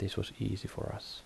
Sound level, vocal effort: 69 dB SPL, soft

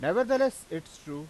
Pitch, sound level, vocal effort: 205 Hz, 98 dB SPL, loud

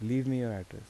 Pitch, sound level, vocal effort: 120 Hz, 81 dB SPL, soft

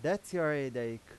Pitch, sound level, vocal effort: 145 Hz, 92 dB SPL, loud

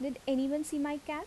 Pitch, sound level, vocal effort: 290 Hz, 80 dB SPL, normal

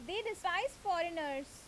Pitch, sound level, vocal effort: 335 Hz, 90 dB SPL, very loud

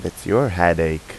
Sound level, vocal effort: 86 dB SPL, normal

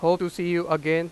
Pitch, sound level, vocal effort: 170 Hz, 97 dB SPL, loud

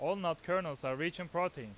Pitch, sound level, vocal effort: 170 Hz, 95 dB SPL, loud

